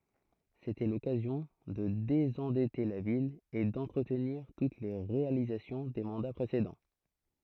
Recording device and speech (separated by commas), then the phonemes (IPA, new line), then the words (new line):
throat microphone, read sentence
setɛ lɔkazjɔ̃ də dezɑ̃dɛte la vil e dɑ̃tʁətniʁ tut le ʁealizasjɔ̃ de mɑ̃da pʁesedɑ̃
C’était l’occasion de désendetter la ville et d’entretenir toutes les réalisations des mandats précédents.